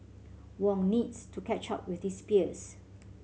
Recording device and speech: mobile phone (Samsung C7100), read sentence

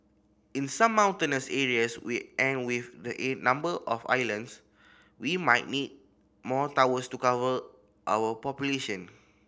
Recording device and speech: boundary microphone (BM630), read sentence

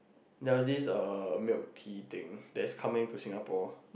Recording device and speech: boundary microphone, conversation in the same room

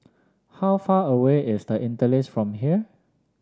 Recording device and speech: standing microphone (AKG C214), read sentence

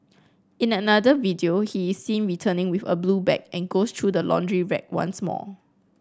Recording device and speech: close-talking microphone (WH30), read sentence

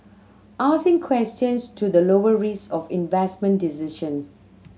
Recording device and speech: mobile phone (Samsung C7100), read sentence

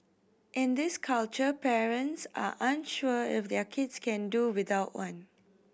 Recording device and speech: boundary microphone (BM630), read sentence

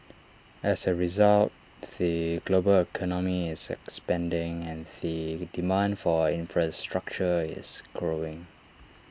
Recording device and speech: standing microphone (AKG C214), read sentence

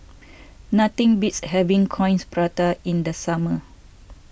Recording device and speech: boundary microphone (BM630), read sentence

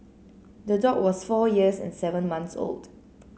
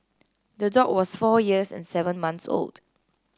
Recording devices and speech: mobile phone (Samsung C9), close-talking microphone (WH30), read sentence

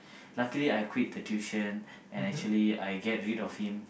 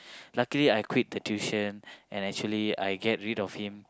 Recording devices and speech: boundary microphone, close-talking microphone, conversation in the same room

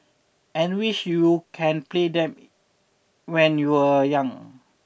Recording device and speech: boundary microphone (BM630), read sentence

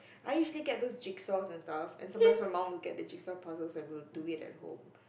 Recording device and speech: boundary microphone, conversation in the same room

